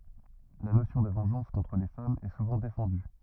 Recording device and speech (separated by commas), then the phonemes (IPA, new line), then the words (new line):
rigid in-ear microphone, read sentence
la nosjɔ̃ də vɑ̃ʒɑ̃s kɔ̃tʁ le famz ɛ suvɑ̃ defɑ̃dy
La notion de vengeance contre les femmes est souvent défendue.